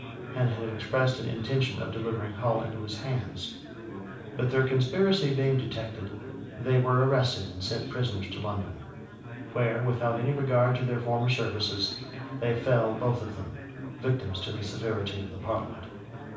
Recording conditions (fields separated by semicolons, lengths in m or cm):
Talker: one person; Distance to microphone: 5.8 m; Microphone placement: far; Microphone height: 1.8 m; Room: medium-sized (5.7 m by 4.0 m); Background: babble